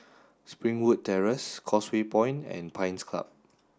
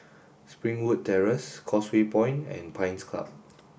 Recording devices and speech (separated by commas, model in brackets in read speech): standing microphone (AKG C214), boundary microphone (BM630), read sentence